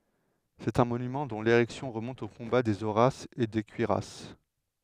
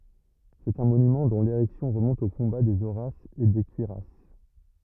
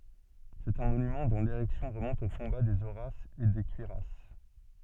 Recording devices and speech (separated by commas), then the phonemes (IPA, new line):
headset microphone, rigid in-ear microphone, soft in-ear microphone, read sentence
sɛt œ̃ monymɑ̃ dɔ̃ leʁɛksjɔ̃ ʁəmɔ̃t o kɔ̃ba dez oʁasz e de kyʁjas